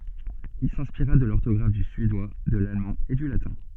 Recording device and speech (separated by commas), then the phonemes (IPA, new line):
soft in-ear microphone, read sentence
il sɛ̃spiʁa də lɔʁtɔɡʁaf dy syedwa də lalmɑ̃ e dy latɛ̃